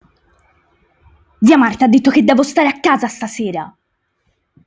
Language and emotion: Italian, angry